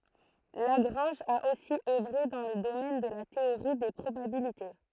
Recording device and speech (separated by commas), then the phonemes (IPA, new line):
throat microphone, read sentence
laɡʁɑ̃ʒ a osi œvʁe dɑ̃ lə domɛn də la teoʁi de pʁobabilite